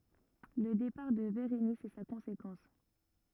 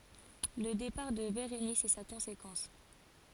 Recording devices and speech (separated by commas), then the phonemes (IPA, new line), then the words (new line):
rigid in-ear microphone, forehead accelerometer, read sentence
lə depaʁ də beʁenis ɛ sa kɔ̃sekɑ̃s
Le départ de Bérénice est sa conséquence.